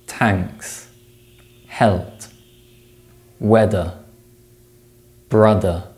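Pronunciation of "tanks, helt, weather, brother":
In 'thanks', 'health', 'weather' and 'brother', the th sounds are replaced by t and d sounds.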